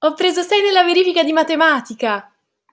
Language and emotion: Italian, happy